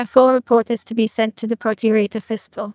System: TTS, neural waveform model